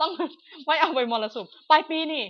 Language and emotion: Thai, happy